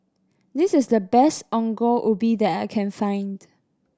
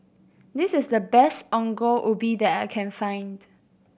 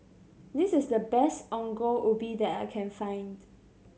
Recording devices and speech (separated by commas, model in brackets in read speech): standing microphone (AKG C214), boundary microphone (BM630), mobile phone (Samsung C7100), read sentence